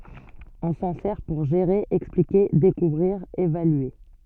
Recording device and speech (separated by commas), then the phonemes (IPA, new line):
soft in-ear microphone, read sentence
ɔ̃ sɑ̃ sɛʁ puʁ ʒeʁe ɛksplike dekuvʁiʁ evalye